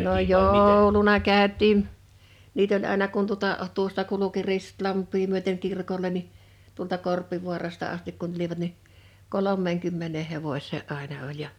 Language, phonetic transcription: Finnish, no "joou̬luna 'kä̀öt̆tiim̳ , niit ‿oĺ àena kun tuota , 'tuosta kuluki 'Ristlamp̆pii myöteŋ 'kirkoĺe ni , tuolta 'Korpivuarasta astik kun tulivat ni , 'kolom̆meeŋkymmenee 'hevoś̀ee '’àena oĺ ja .
- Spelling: no jouluna käytiin niitä oli aina kun tuota tuosta kulki Ristilampea myöten kirkolle niin tuolta Korpivaarasta asti kun tulivat niin kolmeenkymmeneen hevoseen aina oli ja

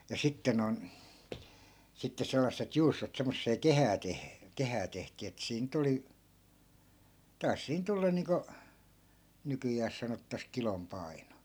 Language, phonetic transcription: Finnish, ja 'sitte non , sitte sellasset 'juustot semmossee "kehää 'teh- , 'kehää tehtii ettᵃ̈ 'siin ny't ‿oli , 'tai̮s siin 'tullan̆ niiŋko , 'nykyjääs sanottas "kilom 'pai̮no .
- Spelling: ja sitten noin sitten sellaiset juustot semmoiseen kehään - kehään tehtiin että siinä nyt oli taisi siinä tulla niin kuin nykyään sanotaan kilon paino

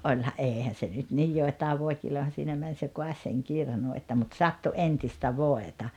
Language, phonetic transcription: Finnish, '’oĺha '’eehän̬ se nyt nij 'jòetaav 'vòi̬kilojahan̬ siinä män se ’koaś seŋ 'kirnu että mut 'sattu '’entistä 'voeta .
- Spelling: olihan eihän se nyt niin joitain voikilojahan siinä meni se kaatoi sen kirnun että mutta sattui entistä voita

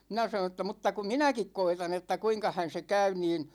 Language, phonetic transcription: Finnish, 'minä sanoo̰ ‿tta mutta ku "minäkik 'koitan ‿että 'kuiŋkahän̬ se 'käy niin ,.
- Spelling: minä sanoin että mutta kun minäkin koetan että kuinkahan se käy niin

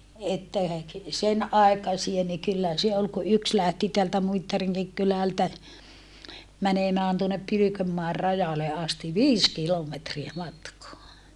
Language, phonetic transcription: Finnish, että , sen ai̮kasie ni kyllä se ol ku yks lähti teältä Muittariŋkik kylältä , mänemään tuonnep Pylykömmaer rajale asti viis kilometriä matkoa .
- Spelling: että sen aikaisia niin kyllä se oli kun yksi lähti täältä Muittarinkin kylältä menemään tuonne Pylkönmäen rajalle asti viisi kilometriä matkaa

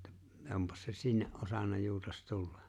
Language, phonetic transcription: Finnish, -tä 'ompas se 'sinne’ '’osanna juutas 'tullᴀ .
- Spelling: - onpas se sinne osannut juutas tulla

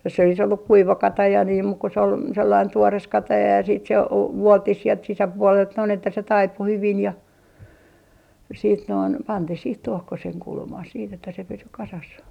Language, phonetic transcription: Finnish, jos se olis olluk 'kuiva 'kataja niim muk se ol sellain 'tuores 'kataja ja siit se o- , "vuolttih sielt 'sisäpuolelt noin että se 'taipu 'hyvin ja , siit noin , 'pantih sih "tuohkoseŋ 'kulmah siit ‿että se 'pysy 'kasas .
- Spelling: jos se olisi ollut kuiva kataja niin mutta se oli sellainen tuore kataja ja sitten se - vuoltiin sieltä sisäpuolelta noin että se taipui hyvin ja sitten noin pantiin siihen tuokkosen kulmaan sitten että se pysyi kasassa

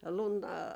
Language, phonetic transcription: Finnish, 'luntᵃ ,.
- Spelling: lunta

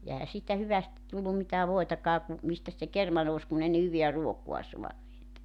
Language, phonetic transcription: Finnish, ja 'ehä siitä 'hyvästi tullum mitää 'voitakaa ku , 'mistäs se "kerma nous 'kun ‿ei ne 'hyviä "ruokua 'suaneet .
- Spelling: ja eihän siitä hyvästi tullut mitään voitakaan kun mistäs se kerma nousi kun ei ne hyvää ruokaa saaneet

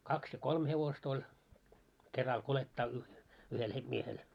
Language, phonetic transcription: Finnish, 'kaks ja 'kolm hevos t ‿oĺ , keral 'kulettaa y- , 'yhel he- 'miehel .
- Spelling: kaksi ja kolme hevosta - oli keralla kuljettaa - yhdellä - miehellä

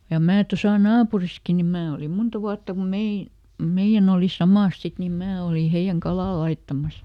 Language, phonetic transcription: Finnish, ja ˈmää ˈtosa "naapuriski ni ˈmää olim ˈmunta ˈvuatta kum ˈmein̬ , ˈmeiʲän ‿òli "samàs ˈsit nim ˈmää olì ˈheiʲäŋ "kalà ˈlaittamas .
- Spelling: ja minä tuossa naapurissakin niin minä olin monta vuotta kun meidän meidän oli samassa sitten niin minä olin heidän kalaa laittamassa

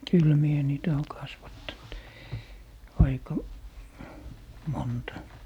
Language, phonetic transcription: Finnish, "kyl 'mie 'niitä oo 'kasvattant , aika , 'monta .
- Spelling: kyllä minä niitä olen kasvattanut aika monta

